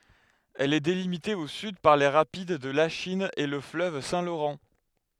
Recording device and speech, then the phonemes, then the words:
headset microphone, read sentence
ɛl ɛ delimite o syd paʁ le ʁapid də laʃin e lə fløv sɛ̃ loʁɑ̃
Elle est délimitée au sud par les rapides de Lachine et le fleuve Saint-Laurent.

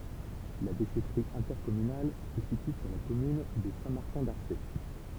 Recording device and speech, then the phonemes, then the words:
temple vibration pickup, read sentence
la deʃɛtʁi ɛ̃tɛʁkɔmynal sə sity syʁ la kɔmyn də sɛ̃ maʁtɛ̃ daʁse
La déchèterie intercommunale se situe sur la commune de Saint-Martin-d'Arcé.

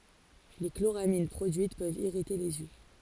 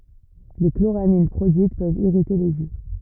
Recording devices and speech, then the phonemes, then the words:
forehead accelerometer, rigid in-ear microphone, read sentence
le kloʁamin pʁodyit pøvt iʁite lez jø
Les chloramines produites peuvent irriter les yeux.

